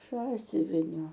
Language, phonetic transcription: Lithuanian, ˈsąsiuvinio

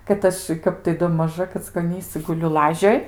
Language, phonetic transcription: Lithuanian, kad ˈaš ˈkap tai do maˈža kackoˈnysɨ guˈliu ˈlažioj

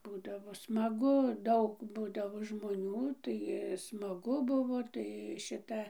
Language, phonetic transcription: Lithuanian, ˈbūdavo smaˈgu ˈdaug ˈbūdavo žmoˈnių tai smaˈgu ˈbuvo tai ˈšita

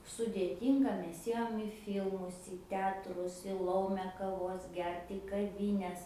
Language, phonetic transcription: Lithuanian, sudėˈtynga ˈmes ˈėjom i ˈfylmus į ˈteatrus i ˈlaume kaˈvos ˈgert į kaˈvines

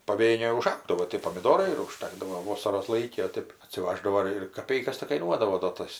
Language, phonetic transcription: Lithuanian, paˈvėnėj uˈžaugdavo tė pomiˈdorai ir uˈžtakdavo ˈvosaros ˈlaiki o ˈtėp atsiˈvaždavo ir ir kaˈpeikas tik kaiˈnuodavo do ˈtas

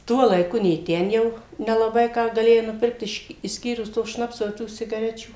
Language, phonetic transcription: Lithuanian, ˈtuo laiˈku nė ˈten jau nelaˈbai ˈką gaˈlėjai nuˈpirkt ˈiš išˈskyrus to ˈšnapso i ˈtų ˈsigarečių

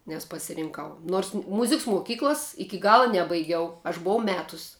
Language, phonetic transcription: Lithuanian, nes pasirinˈkau nors ˈmuziks muˈkyklas ˈiki ˈgala ˈnebaigiau aš buˈvau ˈmetus'

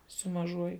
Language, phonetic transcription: Lithuanian, su maˈžuoju

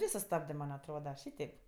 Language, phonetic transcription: Lithuanian, ˈvė suˈstabdɜ ˈman' atˈroda ˈšyteip

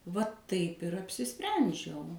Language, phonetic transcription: Lithuanian, va taip ir apsiˈsprendžiau

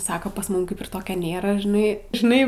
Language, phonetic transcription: Lithuanian, ˈsako pas ˈmum ˈkaip ir ˈtokio ˈnėra žiˈnai žiˈnai

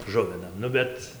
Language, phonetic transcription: Lithuanian, ˈžuvinam ˈnu bet

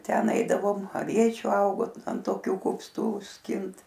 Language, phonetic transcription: Lithuanian, ˈten ˈaidavom aˈviečių ˈaugo ant toˈkių kupˈstų ˈskint

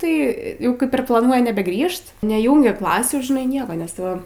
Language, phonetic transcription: Lithuanian, tai ˈjau ˈkaip ir plaˈnuoj nebeˈgrįžt neˈjūngia ˈklasių žiˈnai ˈnieka nes ˈtai va

